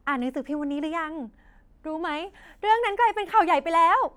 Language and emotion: Thai, happy